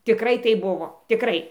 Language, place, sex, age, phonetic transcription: Lithuanian, Dzūkija, female, 60+, tiˈkrai ˈtaip ˈbuvo tiˈkrai

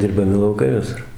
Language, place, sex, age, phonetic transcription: Lithuanian, Dzūkija, male, 60+, dirbaˈmi lauˈkai viˈsur

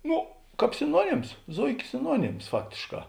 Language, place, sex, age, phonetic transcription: Lithuanian, Žemaitija, male, 60+, ˈnu ˈkāp siˈnuonims ˈzoikė siˈnuonims ˈfaktėšˌkā

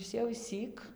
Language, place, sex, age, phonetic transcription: Lithuanian, Dzūkija, female, 18-60, ˈis jau išˈsyk

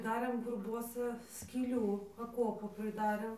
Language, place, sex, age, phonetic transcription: Lithuanian, Dzūkija, female, 18-60, ˈdarėm gurˈbuosa skyˈlių aˈkuopu priˈdarėm

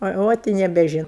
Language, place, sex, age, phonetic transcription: Lithuanian, Aukštaitija, female, 60+, a ˈot i nebeˈžinu

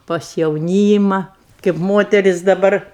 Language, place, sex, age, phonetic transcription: Lithuanian, Aukštaitija, female, 60+, pas jauˈnyma kėp ˈmoteris daˈbar

